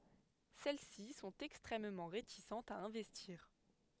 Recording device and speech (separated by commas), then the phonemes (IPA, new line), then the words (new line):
headset microphone, read sentence
sɛl si sɔ̃t ɛkstʁɛmmɑ̃ ʁetisɑ̃tz a ɛ̃vɛstiʁ
Celles-ci sont extrêmement réticentes à investir.